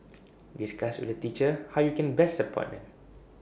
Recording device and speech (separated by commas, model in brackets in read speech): boundary microphone (BM630), read sentence